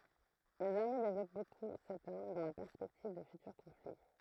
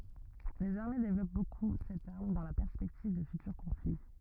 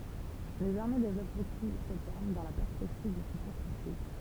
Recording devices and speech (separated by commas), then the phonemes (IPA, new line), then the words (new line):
throat microphone, rigid in-ear microphone, temple vibration pickup, read sentence
lez aʁme devlɔp boku sɛt aʁm dɑ̃ la pɛʁspɛktiv də fytyʁ kɔ̃fli
Les armées développent beaucoup cette arme, dans la perspective de futurs conflits.